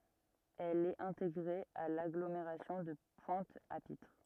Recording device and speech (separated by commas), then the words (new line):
rigid in-ear microphone, read sentence
Elle est intégrée à l'agglomération de Pointe-à-Pitre.